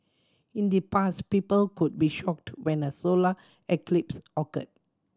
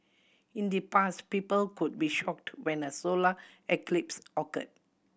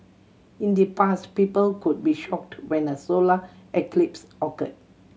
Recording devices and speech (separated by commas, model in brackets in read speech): standing microphone (AKG C214), boundary microphone (BM630), mobile phone (Samsung C7100), read sentence